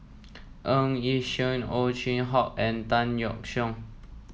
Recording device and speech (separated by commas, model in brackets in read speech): mobile phone (iPhone 7), read sentence